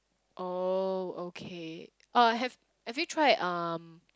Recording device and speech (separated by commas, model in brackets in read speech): close-talking microphone, conversation in the same room